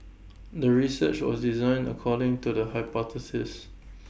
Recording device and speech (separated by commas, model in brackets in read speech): boundary microphone (BM630), read sentence